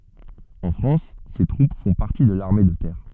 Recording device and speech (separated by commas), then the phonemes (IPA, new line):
soft in-ear microphone, read sentence
ɑ̃ fʁɑ̃s se tʁup fɔ̃ paʁti də laʁme də tɛʁ